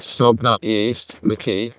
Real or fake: fake